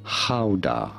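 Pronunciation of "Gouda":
'Gouda' is pronounced correctly here, the way the Dutch say it, rather than the common non-Dutch way.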